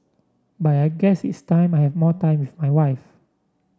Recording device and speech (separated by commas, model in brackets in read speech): standing microphone (AKG C214), read sentence